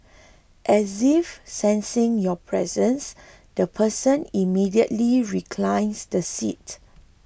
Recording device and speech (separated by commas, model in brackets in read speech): boundary microphone (BM630), read sentence